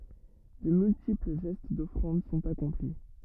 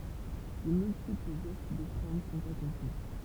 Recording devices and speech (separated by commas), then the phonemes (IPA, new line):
rigid in-ear microphone, temple vibration pickup, read sentence
də myltipl ʒɛst dɔfʁɑ̃d sɔ̃t akɔ̃pli